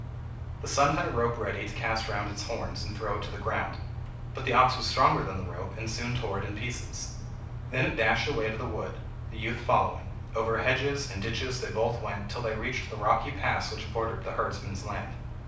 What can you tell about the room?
A mid-sized room (about 5.7 m by 4.0 m).